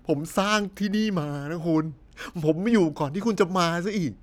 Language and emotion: Thai, sad